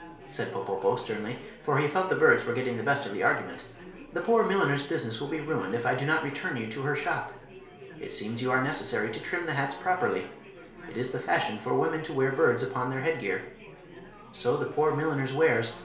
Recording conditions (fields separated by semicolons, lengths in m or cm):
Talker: one person; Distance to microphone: 1.0 m; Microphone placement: close; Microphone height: 1.1 m; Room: small (3.7 m by 2.7 m); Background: babble